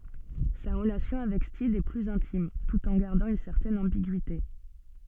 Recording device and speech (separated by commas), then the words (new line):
soft in-ear microphone, read sentence
Sa relation avec Steed est plus intime, tout en gardant une certaine ambiguïté.